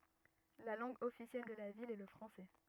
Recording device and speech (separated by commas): rigid in-ear microphone, read sentence